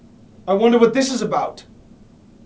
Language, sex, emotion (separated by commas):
English, male, angry